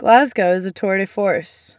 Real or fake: real